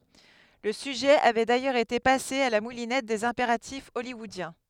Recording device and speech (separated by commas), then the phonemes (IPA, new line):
headset microphone, read sentence
lə syʒɛ avɛ dajœʁz ete pase a la mulinɛt dez ɛ̃peʁatif ɔljwɔodjɛ̃